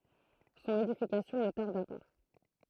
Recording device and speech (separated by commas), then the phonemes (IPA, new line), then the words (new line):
throat microphone, read sentence
sɔ̃n edifikasjɔ̃ nə taʁda pa
Son édification ne tarda pas.